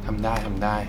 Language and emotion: Thai, neutral